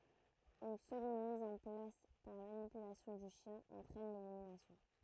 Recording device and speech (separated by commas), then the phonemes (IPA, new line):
throat microphone, read sentence
yn səɡɔ̃d miz ɑ̃ plas paʁ manipylasjɔ̃ dy ʃjɛ̃ ɑ̃tʁɛn leliminasjɔ̃